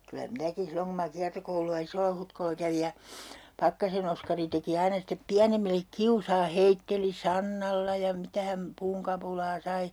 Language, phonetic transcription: Finnish, kylä 'minäkin̬ 'silloŋ ku ma 'kiartokoulu₍a "Isollahutkolla kävij ja , 'Pakkasen ‿Oskari teki 'aina step "piänemillek 'kiusaa 'heitteli "sannalla ja 'mitä häm , 'puuŋkapulaa 'sai .
- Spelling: kyllä minäkin silloin kun minä kiertokoulua Isolla-Hutkolla kävin ja Pakkasen Oskari teki aina sitten pienemmille kiusaa heitteli sannalla ja mitä hän puunkapulaa sai

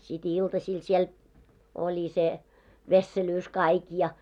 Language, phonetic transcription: Finnish, sit "iltasiil 'siel , oĺi se , 'vesselyys 'kaik ja .
- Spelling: sitten iltasilla siellä oli se vesselyys kaikki ja

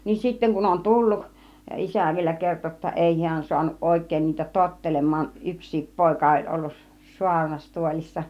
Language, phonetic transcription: Finnish, niin 'sitteŋ kun on "tulluk , "isä̀ vielä 'kerto jotta 'èi 'hiän suanuˀ 'ˀòik̀èin niitä 'tottelem̆maan , 'yks̆siip 'pòika oĺ ollus 'suarnastuolissa .
- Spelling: niin sitten kun on tullut isä vielä kertoi jotta ei hän saanut oikein niitä tottelemaan yksikin poika oli ollut saarnastuolissa

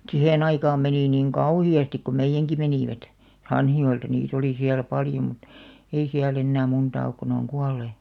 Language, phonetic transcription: Finnish, sihen aikaam 'menì niŋ "kauhi₍astik ko 'meijjäŋki 'menìvät , "Hanhijo₍elta niit ‿oli siäl 'paljo mᵘt , ei 'siäl ‿ennää 'muntaa ok ko ne oŋ "kual̆§lè .
- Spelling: siihen aikaan meni niin kauheasti kun meidänkin menivät Hanhijoelta niitä oli siellä paljon mutta ei siellä enää montaa ole kun ne on kuolleet

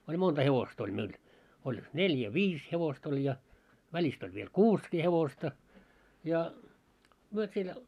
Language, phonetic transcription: Finnish, oĺ 'monta 'hevost ‿oĺ meil , oĺ , "neljä "viis hevost ‿oĺ ja , 'väĺist ‿oĺ viel "kuuskii 'hevosta , ja , myö siel ,.
- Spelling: oli monta hevosta oli meillä oli neljä viisi hevosta oli ja välistä oli vielä kuusikin hevosta ja me siellä

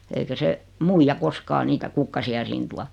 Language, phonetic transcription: Finnish, eikä 'se , 'muija koskaa 'niitä 'kukkasi₍a "siin tua .
- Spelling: eikä se muija koskaan niitä kukkasia siihen tuo

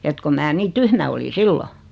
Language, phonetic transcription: Finnish, et ko 'mää 'nii "tyhmä oli "sillo .
- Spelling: että kun minä niin tyhmä olin silloin

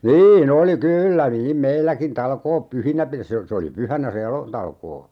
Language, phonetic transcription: Finnish, "nii'n ‿oli 'kyyllä niim 'meilläkin 'talkoop "pyhinä pir - se o - 'se oli "pyhänä se 'elo- , '-talkoo .
- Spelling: niin oli kyllä niin meilläkin talkoot pyhinä - se - se oli pyhänä se - elotalkoo

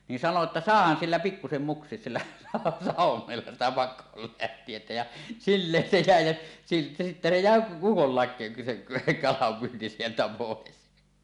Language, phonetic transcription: Finnish, ni 'sano että » "sàehan 'sillä pikkusem "muks̀ies sillä , 'sàuw̆womella sitä 'pak̆koolläht̀ietä « jä , 'silleen se 'jä̀e jä , ja sittä se 'jä̀e "ukollàe , se 'kalampyynti sieltä pòes .
- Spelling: niin sanoi että saahan sillä pikkuisen muksia sillä sauvoimella sitä pakoon lähtijää ja silleen se jäi ja ja sitten se jäi ukollakin se kalanpyynti sieltä pois

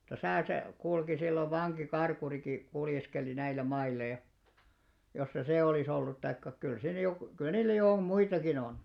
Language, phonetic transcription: Finnish, [mut]ta "täsä̀ se , 'kulki sillov 'vaŋki'karkuriki , 'kuljeskeli 'näillä "mailla ja , jos se "sè 'olìs ‿ollut taikka , kyl 'siin jokᵘ , 'kyl̆lä niillä jo om "muitakin ‿on .
- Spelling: mutta tässä se kulki silloin vankikarkurikin kuljeskeli näillä mailla ja jos se se olisi ollut tai kyllä siinä joku kyllä niillä jo on muitakin on

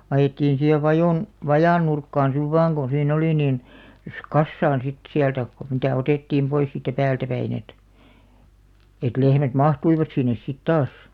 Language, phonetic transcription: Finnish, 'ajettiin̬ siihev "vajòn , "vajàn 'nurkkaan siv "vaaŋ ɢo sii'n ‿oli nìn , (jos) "kassaan sit 'siältä , kᵒ mitä̀ 'otèttiim 'pois siittä 'päältä 'päin ‿et , et 'lehmät "mahtuivat 'sinnes sit 'taas .
- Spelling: ajettiin siihen vajan vajan nurkkaan sitten vain kun siinä oli niin jos kasaan sitten sieltä kun mitä otettiin pois siitä päältä päin että että lehmät mahtuivat sinne sitten taas

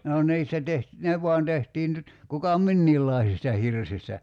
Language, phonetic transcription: Finnish, no 'ǹiistä teht- , "ne v̀uan 'tehtiin nyt , kuka "minniillàisista 'hirsistä .
- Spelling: no niistä - ne vain tehtiin nyt kuka minkäkinlaisista hirsistä

